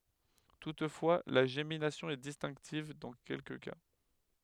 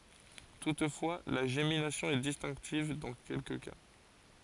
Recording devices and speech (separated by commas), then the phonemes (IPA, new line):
headset microphone, forehead accelerometer, read sentence
tutfwa la ʒeminasjɔ̃ ɛ distɛ̃ktiv dɑ̃ kɛlkə ka